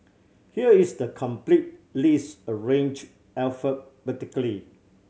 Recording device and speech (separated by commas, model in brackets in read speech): mobile phone (Samsung C7100), read sentence